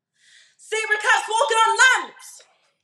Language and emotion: English, angry